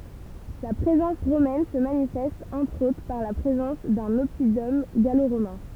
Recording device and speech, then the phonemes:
temple vibration pickup, read sentence
la pʁezɑ̃s ʁomɛn sə manifɛst ɑ̃tʁ otʁ paʁ la pʁezɑ̃s dœ̃n ɔpidɔm ɡaloʁomɛ̃

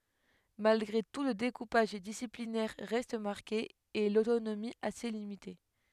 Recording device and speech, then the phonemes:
headset microphone, read sentence
malɡʁe tu lə dekupaʒ disiplinɛʁ ʁɛst maʁke e lotonomi ase limite

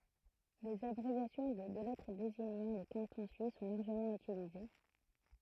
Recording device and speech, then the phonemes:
throat microphone, read sentence
lez abʁevjasjɔ̃ də dø lɛtʁ deziɲɑ̃ le kɑ̃tɔ̃ syis sɔ̃ laʁʒəmɑ̃ ytilize

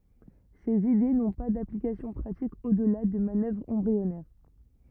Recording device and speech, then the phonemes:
rigid in-ear microphone, read sentence
sez ide nɔ̃ pa daplikasjɔ̃ pʁatik odla də manœvʁz ɑ̃bʁiɔnɛʁ

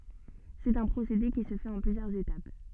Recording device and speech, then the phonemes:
soft in-ear microphone, read sentence
sɛt œ̃ pʁosede ki sə fɛt ɑ̃ plyzjœʁz etap

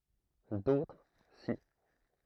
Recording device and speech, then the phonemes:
throat microphone, read sentence
dotʁ si

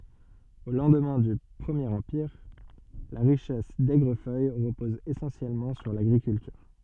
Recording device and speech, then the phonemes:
soft in-ear microphone, read sentence
o lɑ̃dmɛ̃ dy pʁəmjeʁ ɑ̃piʁ la ʁiʃɛs dɛɡʁəfœj ʁəpɔz esɑ̃sjɛlmɑ̃ syʁ laɡʁikyltyʁ

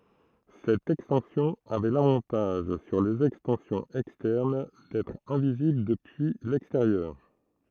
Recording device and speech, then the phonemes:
throat microphone, read sentence
sɛt ɛkstɑ̃sjɔ̃ avɛ lavɑ̃taʒ syʁ lez ɛkstɑ̃sjɔ̃z ɛkstɛʁn dɛtʁ ɛ̃vizibl dəpyi lɛksteʁjœʁ

